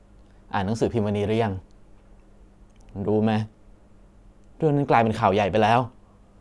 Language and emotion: Thai, frustrated